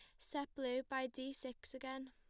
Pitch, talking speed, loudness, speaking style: 265 Hz, 190 wpm, -45 LUFS, plain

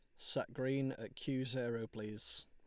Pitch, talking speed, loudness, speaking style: 120 Hz, 160 wpm, -41 LUFS, Lombard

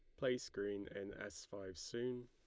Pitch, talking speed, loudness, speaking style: 100 Hz, 175 wpm, -45 LUFS, Lombard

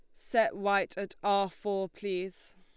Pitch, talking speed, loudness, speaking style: 200 Hz, 150 wpm, -31 LUFS, Lombard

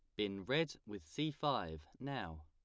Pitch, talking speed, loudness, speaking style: 105 Hz, 160 wpm, -41 LUFS, plain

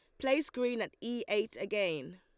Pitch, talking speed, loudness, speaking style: 225 Hz, 185 wpm, -34 LUFS, Lombard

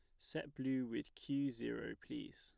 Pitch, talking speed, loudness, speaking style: 135 Hz, 165 wpm, -44 LUFS, plain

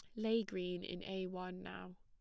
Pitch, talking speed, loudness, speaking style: 185 Hz, 200 wpm, -42 LUFS, plain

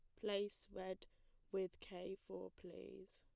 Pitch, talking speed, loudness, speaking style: 185 Hz, 125 wpm, -49 LUFS, plain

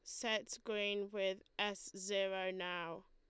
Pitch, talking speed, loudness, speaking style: 195 Hz, 125 wpm, -41 LUFS, Lombard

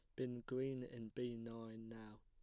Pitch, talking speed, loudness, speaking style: 115 Hz, 175 wpm, -48 LUFS, plain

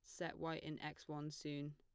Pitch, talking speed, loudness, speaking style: 150 Hz, 235 wpm, -48 LUFS, plain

